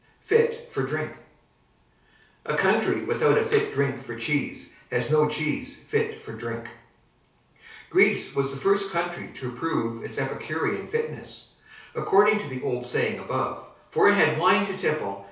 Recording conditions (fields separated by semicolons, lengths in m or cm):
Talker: one person; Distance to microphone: 3.0 m; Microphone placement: far; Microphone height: 1.8 m; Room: small (3.7 m by 2.7 m); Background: none